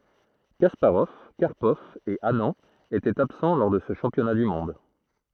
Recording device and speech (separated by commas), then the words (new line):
throat microphone, read sentence
Kasparov, Karpov et Anand étaient absents lors de ce championnat du monde.